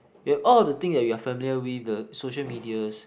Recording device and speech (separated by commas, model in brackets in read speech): boundary microphone, conversation in the same room